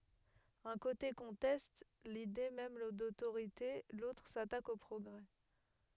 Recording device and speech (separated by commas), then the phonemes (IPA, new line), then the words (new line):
headset microphone, read sentence
œ̃ kote kɔ̃tɛst lide mɛm dotoʁite lotʁ satak o pʁɔɡʁɛ
Un côté conteste l’idée même d’autorité, l’autre s'attaque au progrès.